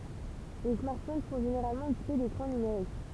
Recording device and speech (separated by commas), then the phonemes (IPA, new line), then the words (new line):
temple vibration pickup, read sentence
le smaʁtfon sɔ̃ ʒeneʁalmɑ̃ ekipe dekʁɑ̃ nymeʁik
Les smartphones sont généralement équipés d'écrans numériques.